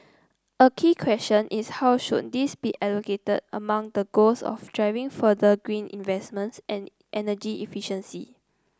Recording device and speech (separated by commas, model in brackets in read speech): close-talking microphone (WH30), read sentence